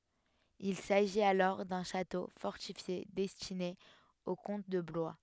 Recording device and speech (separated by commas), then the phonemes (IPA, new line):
headset microphone, read sentence
il saʒit alɔʁ dœ̃ ʃato fɔʁtifje dɛstine o kɔ̃t də blwa